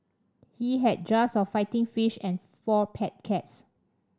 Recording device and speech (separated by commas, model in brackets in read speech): standing microphone (AKG C214), read sentence